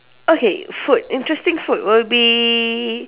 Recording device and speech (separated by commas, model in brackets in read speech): telephone, conversation in separate rooms